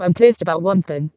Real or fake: fake